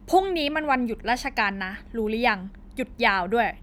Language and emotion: Thai, angry